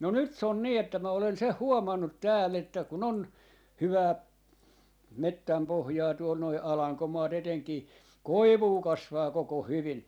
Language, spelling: Finnish, no nyt se on niin että minä olen sen huomannut täällä että kun on hyvää metsänpohjaa tuolla nuo alankomaat etenkin koivua kasvaa koko hyvin
- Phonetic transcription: no nyt s ‿on 'nii että mä olen 'seh "huomannut 'tääll ‿että ku'n ‿on , 'hyvää , "mettämpohjaa tuol noi "alaŋkomaat 'eteŋkii , "koivuu 'kasvaa 'koko "hyvin .

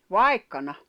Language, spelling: Finnish, vaikkana
- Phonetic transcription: vai̬kkana .

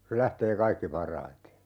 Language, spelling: Finnish, se lähtee kaikkein parhaiten
- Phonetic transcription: se 'lähtee "kaikki 'par̀aite .

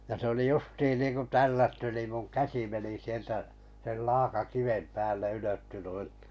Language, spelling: Finnish, ja se oli justiin niin kuin tällätty niin minun käsi meni sieltä sen laakakiven päälle ylettyi noin
- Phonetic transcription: ja se oli 'justiin niiŋku "tällätty nìm muŋ "käsi meni 'sieltä , sel 'laaka'kivem pääl̆le 'ylötty nui .

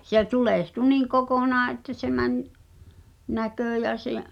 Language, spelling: Finnish, se tulehtui niin kokonaan että se meni näkö ja se
- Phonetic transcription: 'se "tulèhtu 'niiŋ 'kokonaa ’että se mäń , 'näkö̀ jä se’ ,.

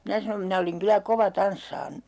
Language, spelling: Finnish, minä sanon minä olin kyllä kova tanssaamaan
- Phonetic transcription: 'minä sanom 'minä oliŋ kylä "kova 'tanssaan .

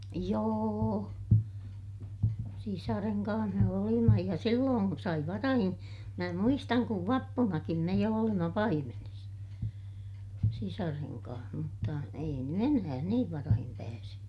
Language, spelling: Finnish, joo sisaren kanssa me olimme ja silloin sai varhain minä muistan kun vappunakin me jo olimme paimenessa sisaren kanssa mutta ei nyt enää niin varhain pääse
- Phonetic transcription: jooo , sisareŋ kaa̰h me olima ja silloon , sai varahin , mä muistaŋ kuv vappunakim me jo olima paimenes , sisareŋ kaah mutta , ei ny enää niiv varahim pääse .

